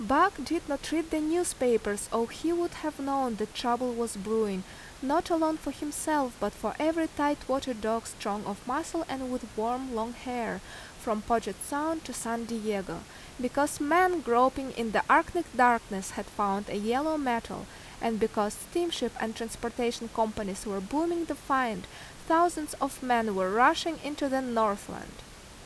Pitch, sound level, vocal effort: 250 Hz, 83 dB SPL, loud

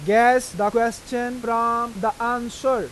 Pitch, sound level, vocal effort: 235 Hz, 95 dB SPL, loud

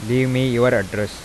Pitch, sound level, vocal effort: 120 Hz, 88 dB SPL, normal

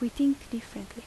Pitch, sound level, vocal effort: 235 Hz, 80 dB SPL, soft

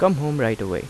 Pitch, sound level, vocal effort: 130 Hz, 85 dB SPL, normal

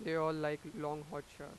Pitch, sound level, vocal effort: 150 Hz, 94 dB SPL, normal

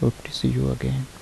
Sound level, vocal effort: 70 dB SPL, soft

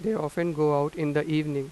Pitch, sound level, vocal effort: 150 Hz, 90 dB SPL, normal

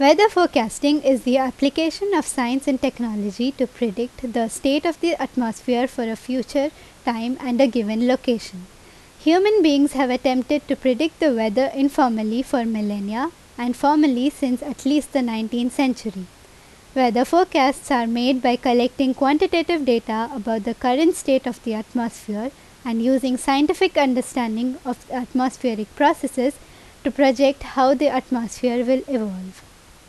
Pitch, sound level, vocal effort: 260 Hz, 84 dB SPL, loud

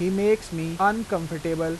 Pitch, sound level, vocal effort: 175 Hz, 88 dB SPL, normal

